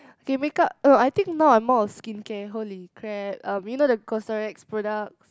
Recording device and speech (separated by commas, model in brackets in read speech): close-talking microphone, conversation in the same room